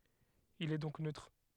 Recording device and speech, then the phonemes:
headset microphone, read sentence
il ɛ dɔ̃k nøtʁ

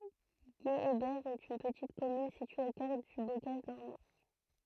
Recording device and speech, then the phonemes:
throat microphone, read sentence
ɡeebɛʁ ɛt yn pətit kɔmyn sitye o kœʁ dy bokaʒ nɔʁmɑ̃

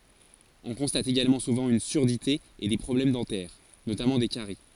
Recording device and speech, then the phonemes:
forehead accelerometer, read sentence
ɔ̃ kɔ̃stat eɡalmɑ̃ suvɑ̃ yn syʁdite e de pʁɔblɛm dɑ̃tɛʁ notamɑ̃ de kaʁi

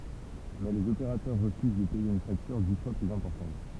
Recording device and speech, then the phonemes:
temple vibration pickup, read sentence
mɛ lez opeʁatœʁ ʁəfyz də pɛje yn faktyʁ di fwa plyz ɛ̃pɔʁtɑ̃t

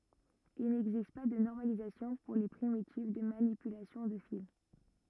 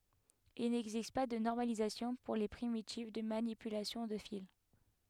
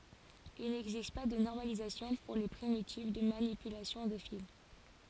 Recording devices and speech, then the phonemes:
rigid in-ear microphone, headset microphone, forehead accelerometer, read sentence
il nɛɡzist pa də nɔʁmalizasjɔ̃ puʁ le pʁimitiv də manipylasjɔ̃ də fil

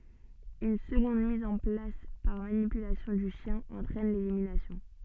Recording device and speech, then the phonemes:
soft in-ear microphone, read sentence
yn səɡɔ̃d miz ɑ̃ plas paʁ manipylasjɔ̃ dy ʃjɛ̃ ɑ̃tʁɛn leliminasjɔ̃

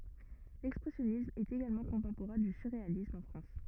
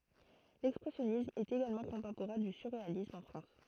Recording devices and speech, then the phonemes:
rigid in-ear microphone, throat microphone, read sentence
lɛkspʁɛsjɔnism ɛt eɡalmɑ̃ kɔ̃tɑ̃poʁɛ̃ dy syʁʁealism ɑ̃ fʁɑ̃s

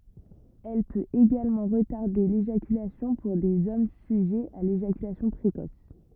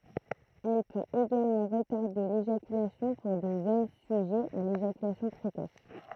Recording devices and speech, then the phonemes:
rigid in-ear microphone, throat microphone, read sentence
ɛl pøt eɡalmɑ̃ ʁətaʁde leʒakylasjɔ̃ puʁ dez ɔm syʒɛz a leʒakylasjɔ̃ pʁekɔs

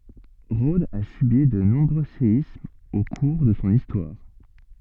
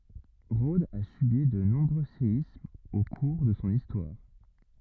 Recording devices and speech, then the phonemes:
soft in-ear microphone, rigid in-ear microphone, read sentence
ʁodz a sybi də nɔ̃bʁø seismz o kuʁ də sɔ̃ istwaʁ

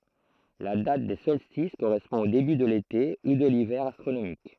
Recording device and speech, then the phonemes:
throat microphone, read sentence
la dat de sɔlstis koʁɛspɔ̃ o deby də lete u də livɛʁ astʁonomik

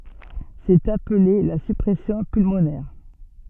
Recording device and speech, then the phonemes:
soft in-ear microphone, read sentence
sɛt aple la syʁpʁɛsjɔ̃ pylmonɛʁ

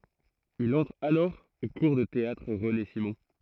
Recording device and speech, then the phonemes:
throat microphone, read sentence
il ɑ̃tʁ alɔʁ o kuʁ də teatʁ ʁəne simɔ̃

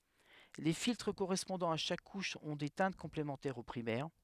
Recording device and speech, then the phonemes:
headset microphone, read sentence
le filtʁ koʁɛspɔ̃dɑ̃z a ʃak kuʃ ɔ̃ de tɛ̃t kɔ̃plemɑ̃tɛʁz o pʁimɛʁ

